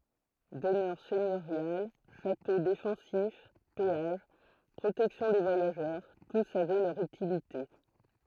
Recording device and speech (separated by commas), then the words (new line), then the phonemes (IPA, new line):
throat microphone, read sentence
Demeures seigneuriales, châteaux défensifs, péages, protection des voyageurs, tous avaient leur utilité.
dəmœʁ sɛɲøʁjal ʃato defɑ̃sif peaʒ pʁotɛksjɔ̃ de vwajaʒœʁ tus avɛ lœʁ ytilite